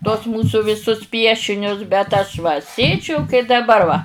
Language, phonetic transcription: Lithuanian, tuos ˈmūsu viˈsus ˈpiešinius bet ˈaš va ˈsėdžiu kai daˈbar va

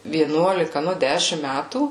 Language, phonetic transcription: Lithuanian, vieˈnuolika ˈnu ˈdešim ˈmætų

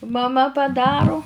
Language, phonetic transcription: Lithuanian, maˈma paˈdaru

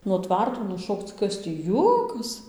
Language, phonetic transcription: Lithuanian, nuo ˈtvarto nuˈšokc ˈkas tį ˈjuokas

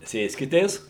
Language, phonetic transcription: Lithuanian, ˈsėskitės

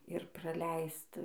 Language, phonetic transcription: Lithuanian, ir praˈleist

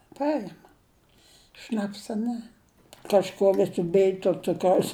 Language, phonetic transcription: Lithuanian, ˈpaima ˈšnapsa ne kažˈkuo ˈvisi ˈbij tuo ˈcukraus

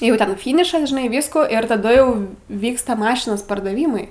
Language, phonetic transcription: Lithuanian, jau ˈten ˈfynišas žiˈnai ˈvysko ir taˈdu jau ˈvyksta ˈmašinos pardaˈvymai

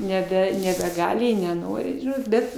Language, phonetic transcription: Lithuanian, neˈbe nebeˈgali i neˈnori ˈžinot ˈbet

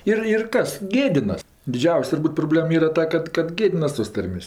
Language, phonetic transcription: Lithuanian, ˈir ir ˈkas ˈgėdinas diˈdžiaus' turˈbūt proˈblėm ˈyra ˈta kad kad ˈgėdinas tos ˈtarmės'

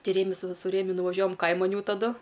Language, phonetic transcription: Lithuanian, ˈti ˈrėmis ˈva su ˈrėmiu nuvaˈžiuojam ˈkaiman ˈjau taˈdu

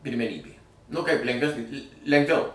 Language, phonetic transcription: Lithuanian, pirmeˈnybė nu kaip lengˈvesni l' lengˈviau

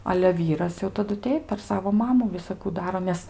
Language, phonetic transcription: Lithuanian, ale ˈvyras jau taˈdu ˈteip per ˈsavo ˈmamu visaˈkų ˈdaro nes

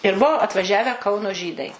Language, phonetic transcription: Lithuanian, ir ˈbuo atvaˈžiavę ˈkauno ˈžydai

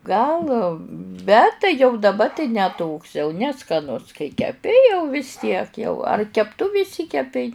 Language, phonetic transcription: Lithuanian, ˈgal ˈbet tai jau daˈba tai ne toks jau neskaˈnus kai keˈpi jau vis ˈtiek jau ar kepˈtuvi iˈšsykepei

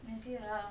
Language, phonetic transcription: Lithuanian, nes ˈyra

